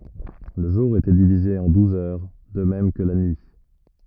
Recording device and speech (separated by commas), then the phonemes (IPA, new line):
rigid in-ear microphone, read sentence
lə ʒuʁ etɛ divize ɑ̃ duz œʁ də mɛm kə la nyi